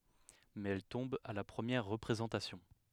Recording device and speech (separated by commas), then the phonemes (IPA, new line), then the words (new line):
headset microphone, read sentence
mɛz ɛl tɔ̃b a la pʁəmjɛʁ ʁəpʁezɑ̃tasjɔ̃
Mais elle tombe à la première représentation.